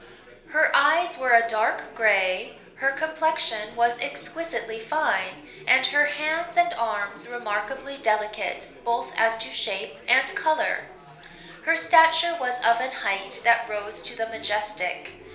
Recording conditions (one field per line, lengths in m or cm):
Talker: one person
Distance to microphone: 1.0 m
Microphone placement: close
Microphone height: 1.1 m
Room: small (3.7 m by 2.7 m)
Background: babble